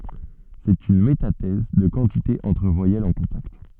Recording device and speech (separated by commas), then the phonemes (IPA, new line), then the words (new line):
soft in-ear microphone, read sentence
sɛt yn metatɛz də kɑ̃tite ɑ̃tʁ vwajɛlz ɑ̃ kɔ̃takt
C'est une métathèse de quantité entre voyelles en contact.